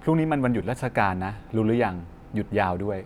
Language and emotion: Thai, neutral